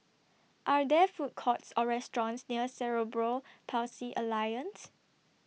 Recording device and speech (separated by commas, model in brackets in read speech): mobile phone (iPhone 6), read sentence